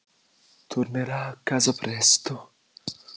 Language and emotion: Italian, fearful